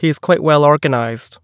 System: none